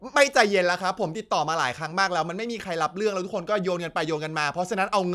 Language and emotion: Thai, angry